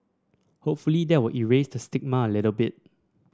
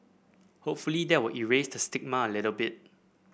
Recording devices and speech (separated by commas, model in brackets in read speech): standing microphone (AKG C214), boundary microphone (BM630), read sentence